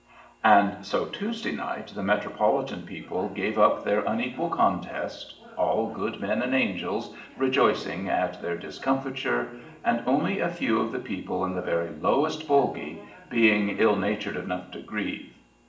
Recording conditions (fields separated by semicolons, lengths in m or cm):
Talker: one person; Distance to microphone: 1.8 m; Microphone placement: close; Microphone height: 1.0 m; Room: large; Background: television